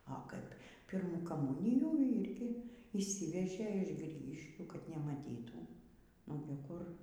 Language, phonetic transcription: Lithuanian, o ˈkaip ˈpyrmų kaˈmūnijų ˈyrgi yšˈsyvežė iš ˈgrygiškių kad nemaˈtytų ˈogi kur

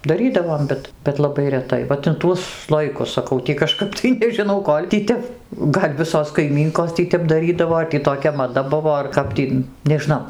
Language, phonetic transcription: Lithuanian, daˈrydavom ˈbet bet laˈbai reˈtai vat in ˈtuos ˈslojikus saˈkau tį kaˈžkap tai nežiˈnau ˈkol' tį ˈtep ˈgal' ˈvisos kaiˈmynkos ˈtį tep daˈrydavo ar tį toˈkia maˈda ˈbuvo ar ˈkap tį nežiˈnau

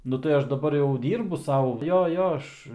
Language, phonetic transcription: Lithuanian, ˈnu tai ˈaš daˈbar jau ˈdyrbu ˈsau ˈjo ˈjo ˈaš

